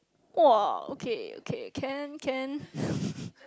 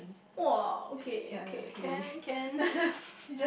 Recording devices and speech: close-talking microphone, boundary microphone, conversation in the same room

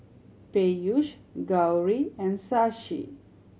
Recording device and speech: mobile phone (Samsung C7100), read sentence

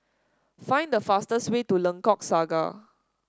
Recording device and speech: standing microphone (AKG C214), read sentence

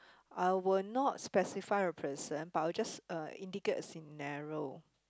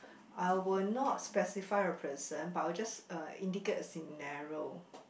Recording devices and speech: close-talking microphone, boundary microphone, conversation in the same room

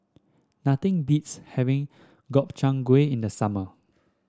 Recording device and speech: standing microphone (AKG C214), read sentence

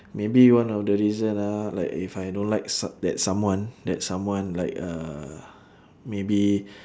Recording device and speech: standing microphone, conversation in separate rooms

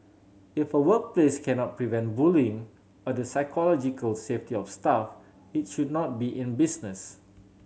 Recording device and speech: mobile phone (Samsung C7100), read sentence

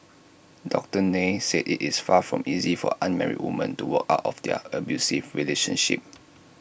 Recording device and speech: boundary microphone (BM630), read sentence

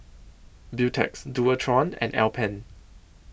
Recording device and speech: boundary microphone (BM630), read sentence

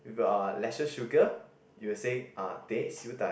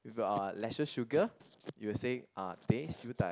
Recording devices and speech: boundary microphone, close-talking microphone, conversation in the same room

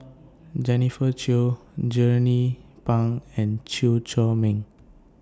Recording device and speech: standing microphone (AKG C214), read sentence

